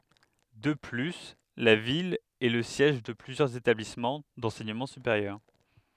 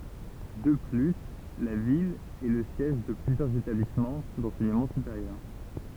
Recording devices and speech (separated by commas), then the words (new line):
headset microphone, temple vibration pickup, read sentence
De plus, la ville est le siège de plusieurs établissements d’enseignement supérieur.